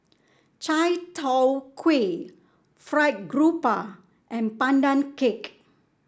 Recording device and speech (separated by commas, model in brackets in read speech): standing microphone (AKG C214), read sentence